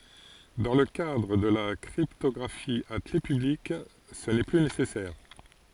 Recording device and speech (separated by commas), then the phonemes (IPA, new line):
forehead accelerometer, read sentence
dɑ̃ lə kadʁ də la kʁiptɔɡʁafi a kle pyblik sə nɛ ply nesɛsɛʁ